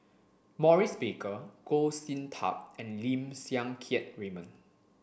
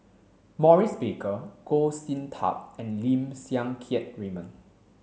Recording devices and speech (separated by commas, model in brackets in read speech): boundary microphone (BM630), mobile phone (Samsung C7), read sentence